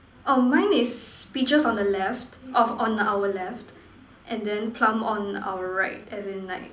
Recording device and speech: standing microphone, conversation in separate rooms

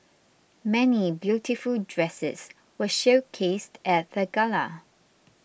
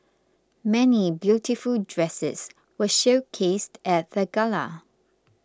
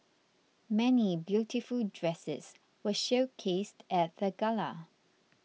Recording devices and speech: boundary microphone (BM630), close-talking microphone (WH20), mobile phone (iPhone 6), read sentence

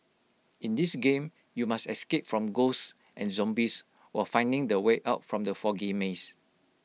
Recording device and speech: mobile phone (iPhone 6), read sentence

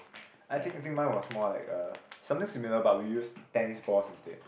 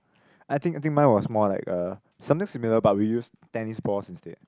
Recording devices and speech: boundary microphone, close-talking microphone, conversation in the same room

